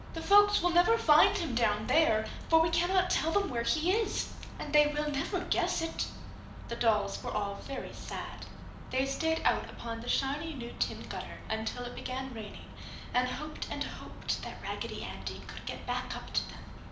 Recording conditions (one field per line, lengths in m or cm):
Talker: one person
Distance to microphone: 2.0 m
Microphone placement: close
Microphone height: 99 cm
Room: medium-sized (5.7 m by 4.0 m)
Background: none